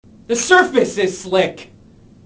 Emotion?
angry